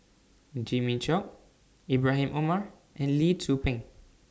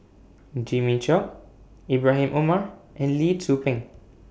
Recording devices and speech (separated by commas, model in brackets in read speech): standing microphone (AKG C214), boundary microphone (BM630), read sentence